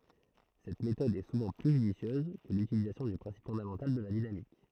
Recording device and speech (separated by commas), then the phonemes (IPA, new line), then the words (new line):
throat microphone, read sentence
sɛt metɔd ɛ suvɑ̃ ply ʒydisjøz kə lytilizasjɔ̃ dy pʁɛ̃sip fɔ̃damɑ̃tal də la dinamik
Cette méthode est souvent plus judicieuse que l'utilisation du principe fondamental de la dynamique.